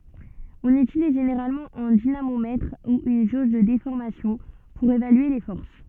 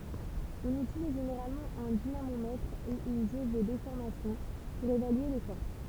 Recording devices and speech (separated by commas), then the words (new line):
soft in-ear microphone, temple vibration pickup, read sentence
On utilise généralement un dynamomètre ou une jauge de déformation pour évaluer les forces.